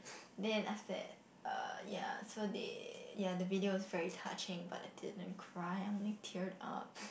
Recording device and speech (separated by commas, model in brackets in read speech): boundary microphone, conversation in the same room